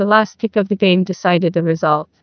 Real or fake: fake